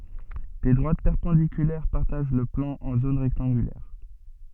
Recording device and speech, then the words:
soft in-ear microphone, read sentence
Des droites perpendiculaires partagent le plan en zones rectangulaires.

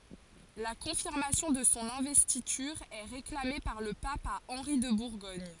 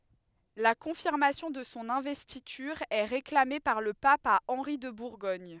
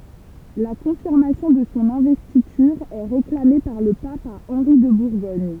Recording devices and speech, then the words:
forehead accelerometer, headset microphone, temple vibration pickup, read sentence
La confirmation de son investiture est réclamée par le pape à Henri de Bourgogne.

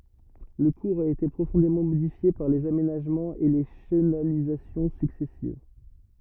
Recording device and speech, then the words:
rigid in-ear microphone, read sentence
Le cours a été profondément modifié par les aménagements et les chenalisations successives.

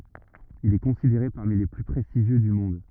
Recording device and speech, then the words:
rigid in-ear microphone, read sentence
Il est considéré parmi les plus prestigieux du monde.

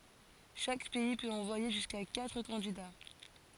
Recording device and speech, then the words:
forehead accelerometer, read sentence
Chaque pays peut envoyer jusqu'à quatre candidats.

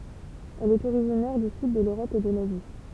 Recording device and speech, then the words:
temple vibration pickup, read sentence
Elle est originaire du sud de l'Europe et de l'Asie.

